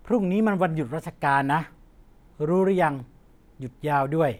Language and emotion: Thai, neutral